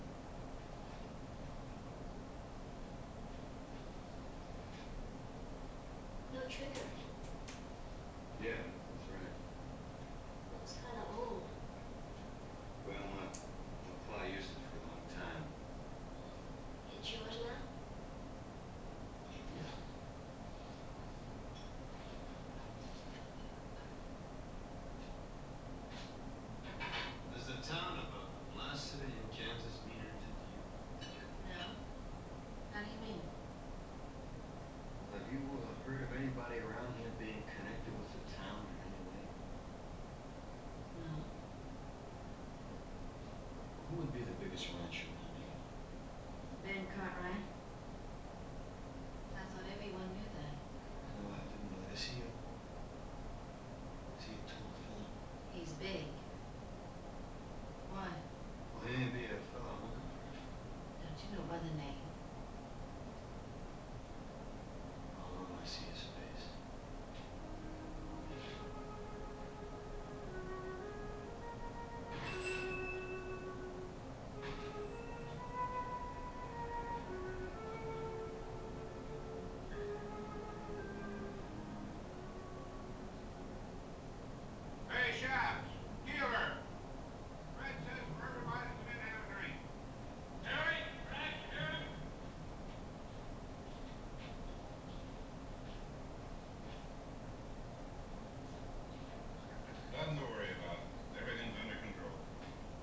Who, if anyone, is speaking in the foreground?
No one.